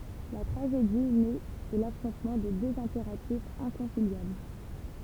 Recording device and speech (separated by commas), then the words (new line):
temple vibration pickup, read sentence
La tragédie naît de l’affrontement de deux impératifs inconciliables.